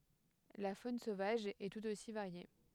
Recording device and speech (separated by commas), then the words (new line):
headset microphone, read sentence
La faune sauvage est tout aussi variée.